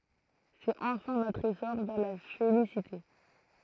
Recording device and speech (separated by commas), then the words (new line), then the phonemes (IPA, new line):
throat microphone, read sentence
C'est enfin notre essor vers la félicité.
sɛt ɑ̃fɛ̃ notʁ esɔʁ vɛʁ la felisite